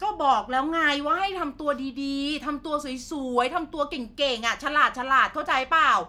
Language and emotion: Thai, angry